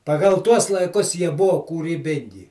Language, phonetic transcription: Lithuanian, paˈgal ˈtuos laiˈkus ˈjie ˈbuvo kūryˈbingi

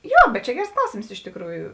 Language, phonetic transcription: Lithuanian, ˈjo bet čia ˈgers ˈklausėms iš tikˈrųju

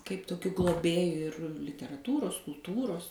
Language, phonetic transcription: Lithuanian, kaip toˈkiu gloˈbėju ir literaˈtūros kulˈtūros

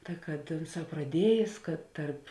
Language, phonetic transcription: Lithuanian, ka kad ˈunˌsā praˈdiejės kad ˈtarp

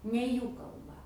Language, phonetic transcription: Lithuanian, ne ˈjų kalˈba

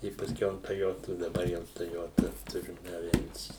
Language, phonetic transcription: Lithuanian, i pasˈkiau an toˈjotu daˈbar jau toˈjota ˈturim aˈvensį

